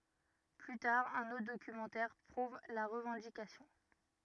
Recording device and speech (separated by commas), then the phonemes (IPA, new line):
rigid in-ear microphone, read sentence
ply taʁ œ̃n otʁ dokymɑ̃tɛʁ pʁuv la ʁəvɑ̃dikasjɔ̃